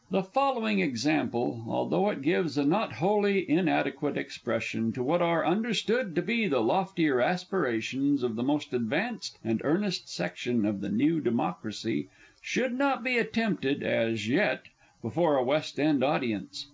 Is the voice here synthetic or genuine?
genuine